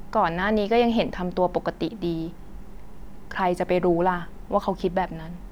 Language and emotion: Thai, neutral